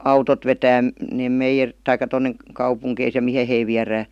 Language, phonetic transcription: Finnish, autot vetää , 'neem meijer- , 'taik̀a 'tonne , 'kaupuŋkeis ja "mihe hei 'viärää .
- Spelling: autot vetää ne - tai tuonne kaupunkeihin ja mihin he viedään

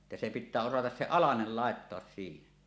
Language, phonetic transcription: Finnish, että se 'pittää 'osatas se "alanel 'làettoas siihen .
- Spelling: että se pitää osata se alanen laittaa siihen

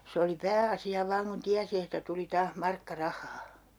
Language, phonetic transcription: Finnish, 'se oli "pää₍asi₍a 'vaaŋ kun 'tiäsi että tuli 'taah 'markka "rah̀aa .
- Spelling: se oli pääasia vain kun tiesi että tuli taas markka rahaa

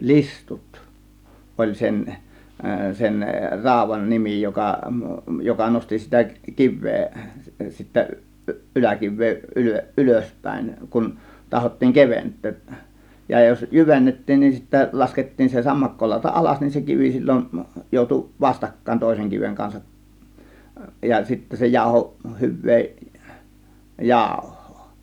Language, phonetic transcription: Finnish, listut , 'ˀoĺ 'sen , sen "ràȯv̆van 'nimi joka , 'joka 'nosti sitä , "kiv̆vee , 'sittä , 'ˀy- , ˀyläkiv̆vee ˀylö- , "ˀylöspä̀ėŋ kun , 'tahottiiŋ "kevent̆tööˀ , ja jos "jyvennettiin nin sittä 'laskettiin se 'sammakkolàȯta "ˀalas nin se 'kivi sil͕l͕on , jòutu "vastakkáėn 'tòėseŋ kiveŋ 'kansaˀ , ja sittä se 'jàȯhoˀ , "hyv̆vee , "jàȯhhOO .
- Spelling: listut oli sen sen raudan nimi joka joka nosti sitä kiveä sitten - yläkiveä - ylöspäin kun tahdottiin keventää ja jos jyvennettiin niin sitten laskettiin se sammakkolauta alas niin se kivi silloin joutui vastakkain toisen kiven kanssa ja sitten se jauhoi hyvää jauhoa

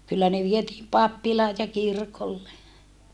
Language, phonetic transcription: Finnish, kyllä ne vietiim pappilaaj ja kirkolle .
- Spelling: kyllä ne vietiin pappilaan ja kirkolle

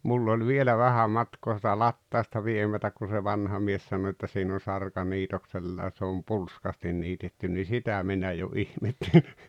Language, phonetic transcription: Finnish, 'mull ‿oĺ 'vielä 'vähä 'matkoo sitä 'lattàosta 'viemätäk kun̬ se 'vanha mies sano että » 'siin ‿on̬ 'sarka 'niitoksella (ʲa) se om "pulskastin 'niitettyn « ni "sitä 'minä jo "ihmetteʟɪ .
- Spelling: minulla oli vielä vähän matkaa sitä latausta viemättä kun se vanha mies sanoi että siinä on sarka niitoksella ja se on pulskasti niitetty niin sitä minä jo ihmettelin

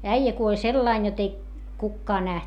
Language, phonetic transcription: Finnish, äijä kuoĺ sellain jot ‿ei , kukkaa näht .
- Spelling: äijä kuoli sillä lailla jotta ei kukaan nähnyt

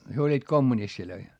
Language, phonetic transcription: Finnish, hyö oĺĺiit kommunistilöi .
- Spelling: he olivat kommunisteja

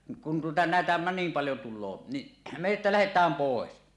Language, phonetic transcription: Finnish, kun tuota 'nä̀etä nim paljo tul̆loo , niˀ , me että 'lähet̀ääm "pòes .
- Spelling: kun tuota näitä niin paljon tulee niin me että lähdetään pois

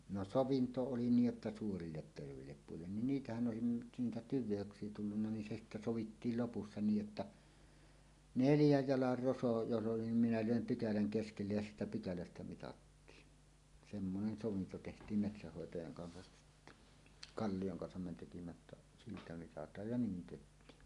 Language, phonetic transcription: Finnish, no "sovinto 'oli 'niij jotta 'suurillet tervèillep puillen nin "niitähän 'ˀòesin nyt 'niitä "tyv̆veöks̀ie tullunna nin se "sittä "sovittiil lopussa 'niij jotta , "neljäj "jalar 'roso jos ˀoli nim minä "lö̀em "pykäläŋ 'keskellej ja "siitä 'pykälästä 'mitattiin , 'semmonen 'sovinto teht̀ìm 'metsähhòetajaŋ kansa , "Kallijoŋ 'kansam me tekimä ᵉ ttä , 'siitä 'mitat̀aaj ja "niin 'teht̀iin .
- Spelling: no sovinto oli niin jotta suurille terveille puille niin niitähän olisi nyt niitä tyveyksiä tullut niin se sitten sovittiin lopussa niin jotta neljän jalan roso jos oli niin minä löin pykälän keskelle ja siitä pykälästä mitattiin semmoinen sovinto tehtiin metsänhoitajan kanssa Kallion kanssa me teimme - että siitä mitataan ja niin tehtiin

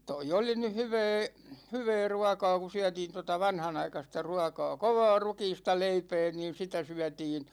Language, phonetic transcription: Finnish, 'toi oli nyh "hyvɛɛ , 'hyvɛɛ "ruakaa ku 'syätiin tota 'vanhanaikasta ruakaa "kovaa 'rukiista 'leipɛɛ niin̬ sitä syätiin ,.
- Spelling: tuo oli nyt hyvää hyvää ruokaa kun syötiin tuota vanhanaikaista ruokaa kovaa rukiista leipää niin sitä syötiin

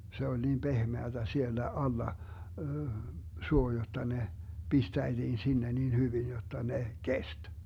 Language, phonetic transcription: Finnish, 'se oĺ 'niim "pehmeätä 'siellä 'alla , 'suo jotta ne , 'pistäitiin 'sinne nin 'hyvin jotta 'ne , "kest .
- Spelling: se oli niin pehmeää siellä alla suo jotta ne pistäitiin sinne niin hyvin jotta ne kesti

